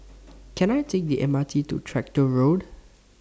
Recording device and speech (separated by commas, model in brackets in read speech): standing microphone (AKG C214), read sentence